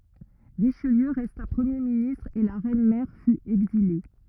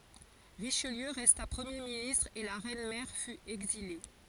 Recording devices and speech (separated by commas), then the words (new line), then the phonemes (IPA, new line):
rigid in-ear microphone, forehead accelerometer, read sentence
Richelieu resta Premier ministre et la reine mère fut exilée.
ʁiʃliø ʁɛsta pʁəmje ministʁ e la ʁɛn mɛʁ fy ɛɡzile